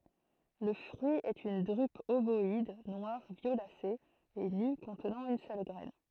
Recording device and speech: throat microphone, read sentence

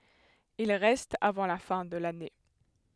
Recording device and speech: headset microphone, read sentence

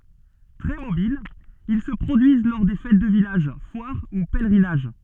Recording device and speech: soft in-ear microphone, read sentence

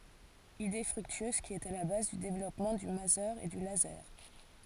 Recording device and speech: forehead accelerometer, read sentence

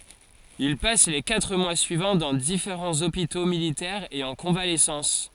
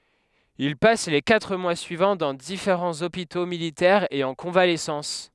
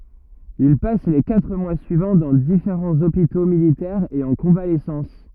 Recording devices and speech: forehead accelerometer, headset microphone, rigid in-ear microphone, read sentence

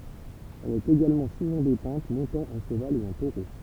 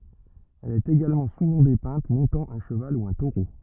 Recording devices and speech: temple vibration pickup, rigid in-ear microphone, read sentence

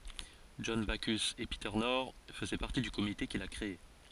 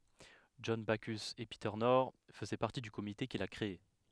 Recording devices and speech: forehead accelerometer, headset microphone, read sentence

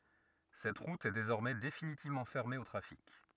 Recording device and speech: rigid in-ear microphone, read sentence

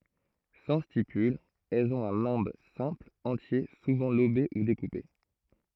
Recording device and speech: throat microphone, read sentence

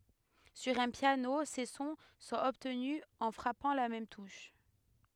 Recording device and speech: headset microphone, read sentence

